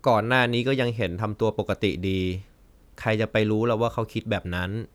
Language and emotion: Thai, neutral